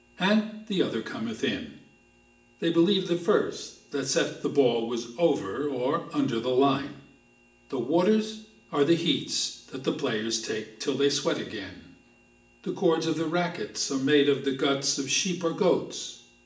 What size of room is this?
A large room.